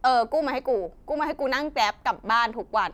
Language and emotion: Thai, frustrated